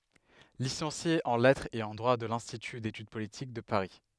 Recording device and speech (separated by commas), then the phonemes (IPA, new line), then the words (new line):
headset microphone, read sentence
lisɑ̃sje ɑ̃ lɛtʁz e ɑ̃ dʁwa də lɛ̃stity detyd politik də paʁi
Licencié en lettres et en droit de l'Institut d'études politiques de Paris.